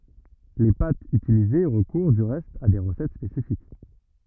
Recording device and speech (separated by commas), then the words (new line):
rigid in-ear microphone, read sentence
Les pâtes utilisées recourent du reste à des recettes spécifiques.